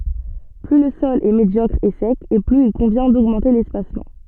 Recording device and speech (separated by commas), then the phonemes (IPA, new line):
soft in-ear microphone, read sentence
ply lə sɔl ɛ medjɔkʁ e sɛk e plyz il kɔ̃vjɛ̃ doɡmɑ̃te lɛspasmɑ̃